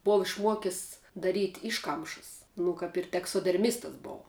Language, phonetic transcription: Lithuanian, ˈbova išˈmuokis daˈryt' ˈiškamšəs nu ˈkap ir teksoderˈmistas ˈbou

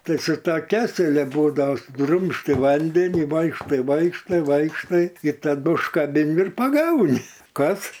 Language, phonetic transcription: Lithuanian, ˈtai su ˈto ˈkeselia ˈbūdava suˈdrumsti ˈvandeni ˈvaikštai ˈvaikštai ˈvaikštai i taˈdu užkaˈbin ir paˈgauni ˈkas

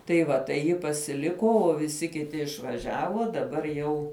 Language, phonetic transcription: Lithuanian, tai ˈva tai ˈji pasiˈliko o viˈsi kiˈti išvaˈžiavo daˈbar jau

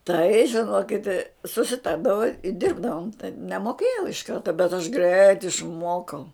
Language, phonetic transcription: Lithuanian, tai žiˈnokit susiˈtardavo i ˈdirbdavom taip nemoˈkėjau iš ˈkarta bet aš greit išˈmuokau

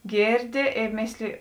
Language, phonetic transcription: Lithuanian, ˈgėrˌdi ė ˈmėsliji

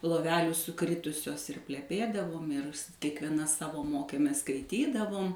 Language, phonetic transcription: Lithuanian, loˈvelių suˈkritusios ir pleˈpėdavom ir s kiekvieˈna ˈsavo ˈmokėmės skaiˈtydavom

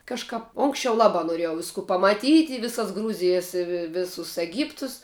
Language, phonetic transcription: Lithuanian, ˈkažkap ˈonksčiau ˈlabā noˈriejau ˈvisku pamaˈtyt' i ˈvisas ˈgrūzijas i vi ˈvisus eˈgyptus

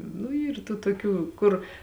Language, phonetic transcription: Lithuanian, nu ˈyr tų toˈkių ˈkur

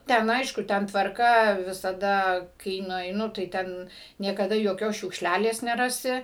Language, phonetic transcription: Lithuanian, ˈten ˈaišku ˈten tvarˈka visaˈda kai nueiˈnu tai ˈten niekaˈda joˈkios šiukšˈlælės neˈrasi

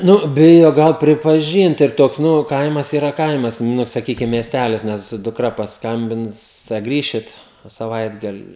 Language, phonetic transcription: Lithuanian, ˈnu ˈbijo ˈgal pripaˈžynt ir ˈtoks ˈnu ˈkaimas iˈra ˈkaimas ˈnu saˈkykim miesˈtælis ˈnes dukˈra pasˈkambins tai a ˈgrįšit saˈvaitgali

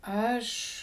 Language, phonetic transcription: Lithuanian, ˈaš

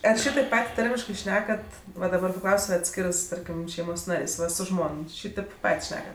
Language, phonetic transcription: Lithuanian, ar ˈšytaip ˈpat' ˈtarmiškɜ ˈšnekat va daˈbar paˈklaus' su atˈskirɜs ˈtarkim ˈšeimos ˈnarės' ˈva su ˈžmon ˈšytėp ˈpat' ˈšnekat

